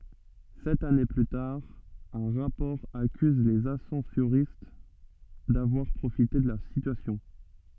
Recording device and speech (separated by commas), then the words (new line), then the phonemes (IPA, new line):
soft in-ear microphone, read sentence
Sept années plus tard, un rapport accuse les ascensoristes d'avoir profité de la situation.
sɛt ane ply taʁ œ̃ ʁapɔʁ akyz lez asɑ̃soʁist davwaʁ pʁofite də la sityasjɔ̃